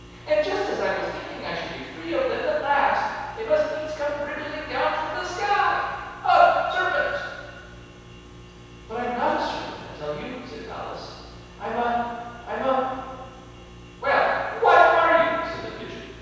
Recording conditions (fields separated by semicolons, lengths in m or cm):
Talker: one person; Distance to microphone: 7.1 m; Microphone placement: far; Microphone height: 1.7 m; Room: very reverberant, large; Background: none